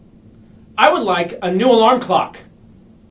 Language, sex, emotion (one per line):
English
male
angry